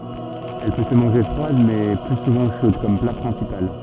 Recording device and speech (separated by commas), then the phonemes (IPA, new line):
soft in-ear microphone, read sentence
ɛl pø sə mɑ̃ʒe fʁwad mɛ ply suvɑ̃ ʃod kɔm pla pʁɛ̃sipal